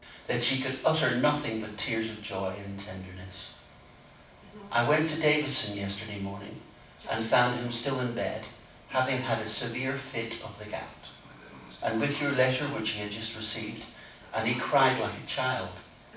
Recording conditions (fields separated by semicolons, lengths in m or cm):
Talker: one person; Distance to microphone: 5.8 m; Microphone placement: far; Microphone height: 1.8 m; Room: medium-sized (5.7 m by 4.0 m); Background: television